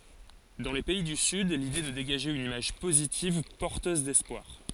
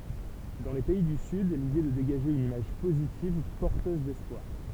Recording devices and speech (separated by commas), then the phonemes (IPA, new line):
forehead accelerometer, temple vibration pickup, read sentence
dɑ̃ le pɛi dy syd lide ɛ də deɡaʒe yn imaʒ pozitiv pɔʁtøz dɛspwaʁ